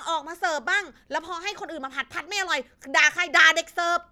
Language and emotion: Thai, angry